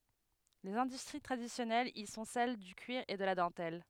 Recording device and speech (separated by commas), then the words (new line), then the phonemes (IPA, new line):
headset microphone, read sentence
Les industries traditionnelles y sont celles du cuir et de la dentelle.
lez ɛ̃dystʁi tʁadisjɔnɛlz i sɔ̃ sɛl dy kyiʁ e də la dɑ̃tɛl